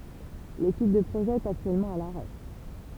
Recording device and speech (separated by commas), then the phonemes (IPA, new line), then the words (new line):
temple vibration pickup, read sentence
letyd də pʁoʒɛ ɛt aktyɛlmɑ̃ a laʁɛ
L'étude de projet est actuellement à l'arrêt.